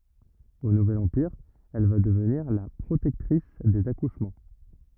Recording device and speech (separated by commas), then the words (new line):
rigid in-ear microphone, read sentence
Au Nouvel Empire, elle va devenir la protectrice des accouchements.